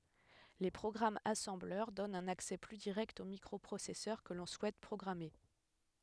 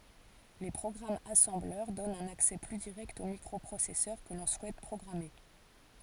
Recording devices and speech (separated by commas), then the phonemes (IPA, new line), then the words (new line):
headset microphone, forehead accelerometer, read sentence
le pʁɔɡʁamz asɑ̃blœʁ dɔnt œ̃n aksɛ ply diʁɛkt o mikʁɔpʁosɛsœʁ kə lɔ̃ suɛt pʁɔɡʁame
Les programmes assembleur donnent un accès plus direct au microprocesseur que l'on souhaite programmer.